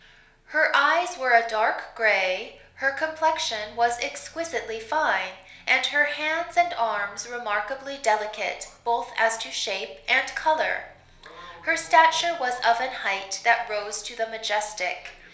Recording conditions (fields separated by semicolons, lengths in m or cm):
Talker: one person; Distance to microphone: 1.0 m; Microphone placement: close; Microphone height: 1.1 m; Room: small (3.7 m by 2.7 m); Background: television